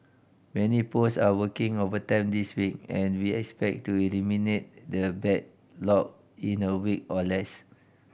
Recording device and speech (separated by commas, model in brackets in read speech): boundary microphone (BM630), read sentence